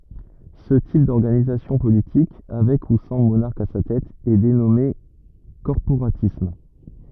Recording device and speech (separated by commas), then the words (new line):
rigid in-ear microphone, read sentence
Ce type d'organisation politique, avec ou sans monarque à sa tête, est dénommé corporatisme.